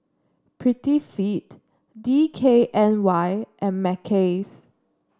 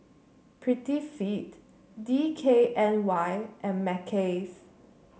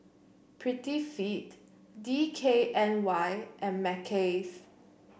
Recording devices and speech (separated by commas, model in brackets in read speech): standing microphone (AKG C214), mobile phone (Samsung C7), boundary microphone (BM630), read sentence